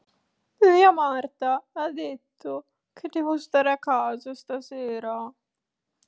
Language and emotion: Italian, sad